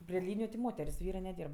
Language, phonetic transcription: Lithuanian, pri ˈlyniju ti ˈmoter's' ˈvyrɜ neˈdyrb

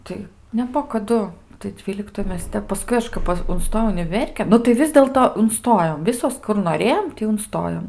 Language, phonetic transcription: Lithuanian, ˈtai neˈbuo kaˈdu tai ˈdvyliktoj ˈmes ˈtep paˈskui aš ˈpa unˈstojau uniˈverkėn nu tai ˈvis dėlto unˈstojom ˈvisos kur noˈrėjom ˈtį unˈstojom

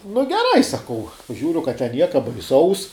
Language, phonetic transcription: Lithuanian, nu geˈrai saˈkau ˈžiūriu kad ten ˈnieka baiˈsaus

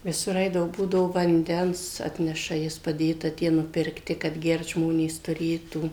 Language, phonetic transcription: Lithuanian, viˈsur ˈaidavo ˈbūdavo vanˈdens ˈatneša ˈjis paˈdėta ˈtie nupirkˈti kad ˈgert ˈžmonės tuˈrėtų

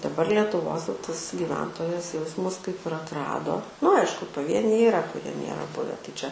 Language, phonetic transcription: Lithuanian, daˈbar lietuˈvos jau ˈtas gyˈventojas jau ˈjis ˈmus kaip ir atˈrado nu ˈaišku paˈvieniai yˈra kuˈrie ˈnėra ˈbuve tai čia

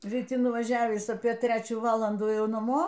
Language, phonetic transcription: Lithuanian, ryˈti nuvaˈžiavįs apie ˈtrečių ˈvalandų ˈjau naˈmo

